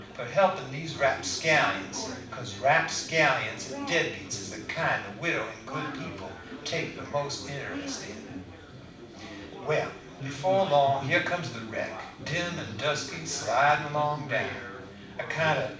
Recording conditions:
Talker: one person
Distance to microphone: 5.8 m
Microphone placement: far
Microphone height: 1.8 m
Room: medium-sized (5.7 m by 4.0 m)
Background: babble

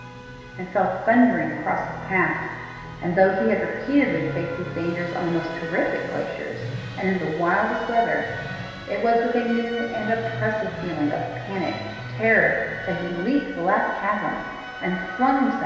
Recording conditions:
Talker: one person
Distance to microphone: 1.7 m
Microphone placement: close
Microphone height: 1.0 m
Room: very reverberant, large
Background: music

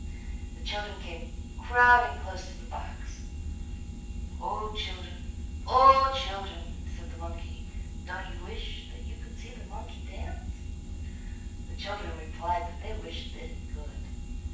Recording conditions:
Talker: one person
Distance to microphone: 9.8 m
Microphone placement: far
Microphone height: 1.8 m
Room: large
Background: none

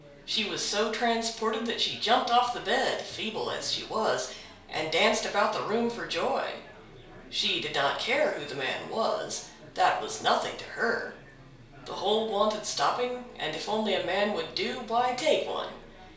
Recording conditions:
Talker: one person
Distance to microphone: 1.0 m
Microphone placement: close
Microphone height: 1.1 m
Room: small (3.7 m by 2.7 m)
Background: babble

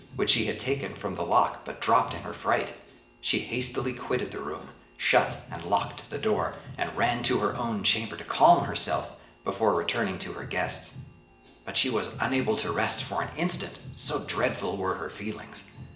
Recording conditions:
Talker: one person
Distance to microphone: 1.8 m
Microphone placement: close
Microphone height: 1.0 m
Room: large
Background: music

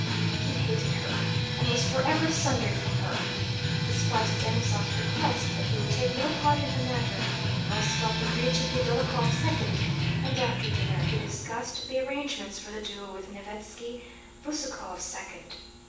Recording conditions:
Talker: one person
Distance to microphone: 9.8 m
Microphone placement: far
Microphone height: 1.8 m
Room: large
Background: music

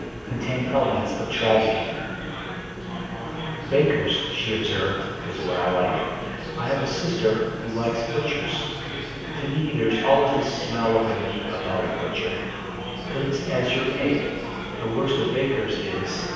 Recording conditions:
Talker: one person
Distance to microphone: 7.1 m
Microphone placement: far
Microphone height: 1.7 m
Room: very reverberant, large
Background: babble

